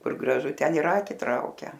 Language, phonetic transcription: Lithuanian, ˈkur graˈžu ˈten ir ˈaki ˈtraukia

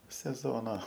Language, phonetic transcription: Lithuanian, seˈzona

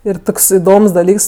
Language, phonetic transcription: Lithuanian, ir ˈtoks iˈdoms daˈlyks

